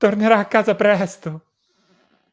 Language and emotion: Italian, fearful